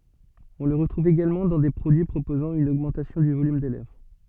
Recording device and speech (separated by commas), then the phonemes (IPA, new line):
soft in-ear microphone, read sentence
ɔ̃ lə ʁətʁuv eɡalmɑ̃ dɑ̃ de pʁodyi pʁopozɑ̃ yn oɡmɑ̃tasjɔ̃ dy volym de lɛvʁ